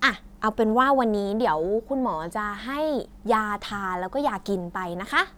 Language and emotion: Thai, happy